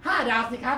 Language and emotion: Thai, happy